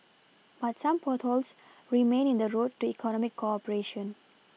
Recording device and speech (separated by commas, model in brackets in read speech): mobile phone (iPhone 6), read sentence